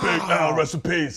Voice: deep voice